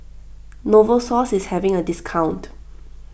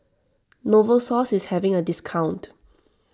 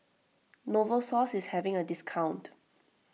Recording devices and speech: boundary microphone (BM630), standing microphone (AKG C214), mobile phone (iPhone 6), read sentence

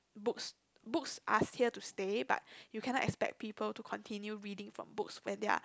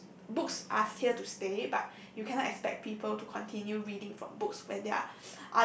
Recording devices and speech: close-talking microphone, boundary microphone, conversation in the same room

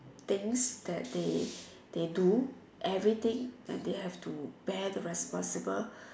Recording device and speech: standing microphone, conversation in separate rooms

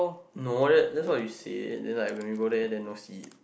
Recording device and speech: boundary microphone, conversation in the same room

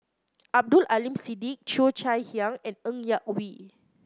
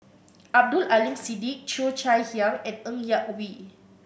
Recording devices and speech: close-talking microphone (WH30), boundary microphone (BM630), read sentence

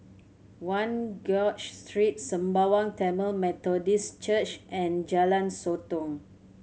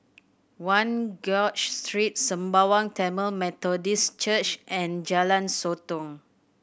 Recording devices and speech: mobile phone (Samsung C7100), boundary microphone (BM630), read sentence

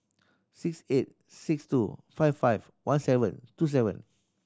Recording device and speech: standing microphone (AKG C214), read sentence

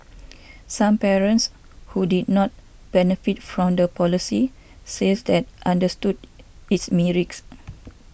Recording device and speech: boundary microphone (BM630), read sentence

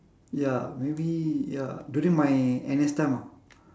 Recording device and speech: standing microphone, conversation in separate rooms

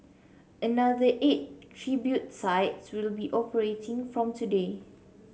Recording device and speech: mobile phone (Samsung C7), read sentence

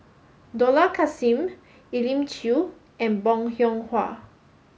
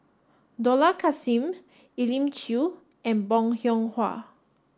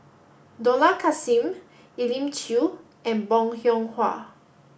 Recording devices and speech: mobile phone (Samsung S8), standing microphone (AKG C214), boundary microphone (BM630), read sentence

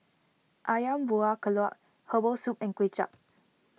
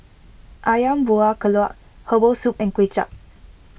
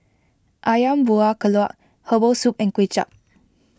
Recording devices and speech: mobile phone (iPhone 6), boundary microphone (BM630), close-talking microphone (WH20), read sentence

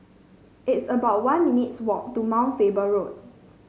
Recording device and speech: mobile phone (Samsung C5), read sentence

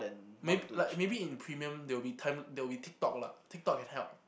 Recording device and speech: boundary microphone, conversation in the same room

